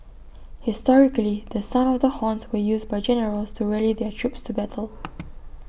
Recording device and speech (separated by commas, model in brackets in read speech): boundary microphone (BM630), read sentence